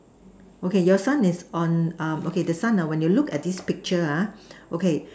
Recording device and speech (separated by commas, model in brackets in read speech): standing microphone, conversation in separate rooms